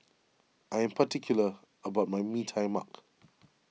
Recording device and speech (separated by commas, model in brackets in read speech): mobile phone (iPhone 6), read sentence